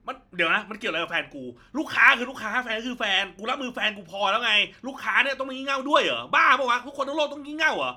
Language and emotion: Thai, angry